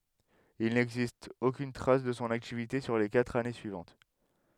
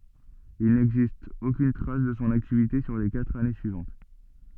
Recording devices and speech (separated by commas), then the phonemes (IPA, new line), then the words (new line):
headset microphone, soft in-ear microphone, read sentence
il nɛɡzist okyn tʁas də sɔ̃ aktivite syʁ le katʁ ane syivɑ̃t
Il n'existe aucune trace de son activité sur les quatre années suivantes.